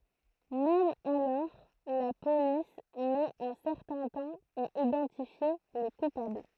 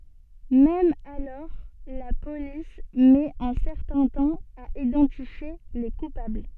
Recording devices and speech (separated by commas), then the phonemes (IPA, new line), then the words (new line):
throat microphone, soft in-ear microphone, read sentence
mɛm alɔʁ la polis mɛt œ̃ sɛʁtɛ̃ tɑ̃ a idɑ̃tifje le kupabl
Même alors, la police met un certain temps à identifier les coupables.